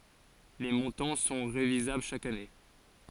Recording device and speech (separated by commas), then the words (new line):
forehead accelerometer, read sentence
Les montants sont révisables chaque année.